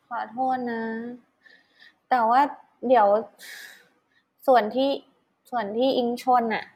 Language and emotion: Thai, sad